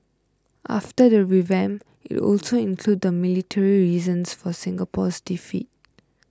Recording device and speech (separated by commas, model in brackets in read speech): close-talking microphone (WH20), read sentence